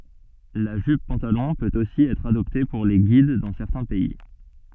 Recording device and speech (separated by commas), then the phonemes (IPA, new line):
soft in-ear microphone, read sentence
la ʒyp pɑ̃talɔ̃ pøt osi ɛtʁ adɔpte puʁ le ɡid dɑ̃ sɛʁtɛ̃ pɛi